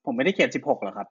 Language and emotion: Thai, frustrated